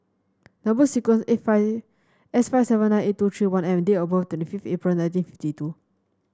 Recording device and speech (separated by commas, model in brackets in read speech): standing microphone (AKG C214), read sentence